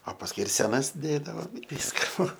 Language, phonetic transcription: Lithuanian, o pasˈkui ir seˈnas ˈdėdavom i ˈvyska ˈbūva

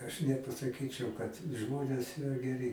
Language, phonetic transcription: Lithuanian, aš nepasaˈkyčiau kad ˈžmonės ˈyra geˈri

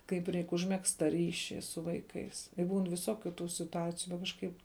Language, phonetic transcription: Lithuanian, ˈkaip ˈreik užmeˈgzt tą ˈryšį su ˈvaiˌkais i ˈbūn viˈsokiu tų situˈaciju bet kažˈkaip

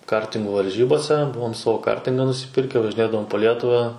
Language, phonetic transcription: Lithuanian, ˈkartingu varˈžybose ˈbuvom ˈsavo ˈkartingą nusiˈpirkę važiˈnėdavom po ˈlietuvą

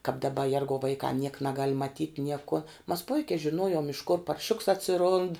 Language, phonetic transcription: Lithuanian, kāp daˈba ˈjergau vaiˈkam niek neˈgal' maˈtyt' ˈnieko mas ˈpuikiai žiˈnuojom iš kur parˈšiuks atsiˈrund

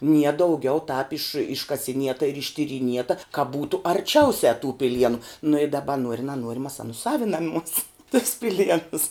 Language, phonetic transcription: Lithuanian, nie dauˈgiau tāp iš iškasiˈnieta ir ištiryˈnieta ka ˈbūtu arˈčiausia tų piˈlienu nu i daba ˈnuori neˈnuori mas aˈnu ˈsavinamuos tus piˈlienus

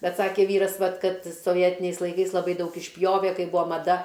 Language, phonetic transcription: Lithuanian, ˈbet ˈsakė ˈvyras ˈvat ˈkad soˈvietiniais laiˈkais laˈbai ˈdaug išˈpjovė ˈkai ˈbuvo maˈda

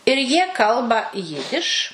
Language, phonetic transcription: Lithuanian, ir jie ˈkalba ˈjidiš

